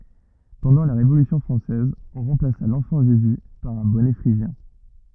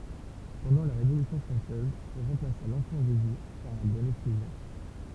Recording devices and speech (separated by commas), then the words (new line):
rigid in-ear microphone, temple vibration pickup, read sentence
Pendant la Révolution française, on remplaça l’enfant Jésus par un bonnet phrygien.